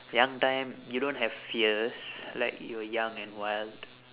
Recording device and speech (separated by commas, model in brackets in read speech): telephone, conversation in separate rooms